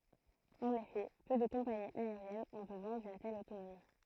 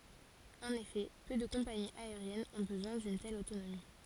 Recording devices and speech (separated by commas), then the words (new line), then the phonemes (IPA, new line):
throat microphone, forehead accelerometer, read sentence
En effet, peu de compagnies aériennes ont besoin d'une telle autonomie.
ɑ̃n efɛ pø də kɔ̃paniz aeʁjɛnz ɔ̃ bəzwɛ̃ dyn tɛl otonomi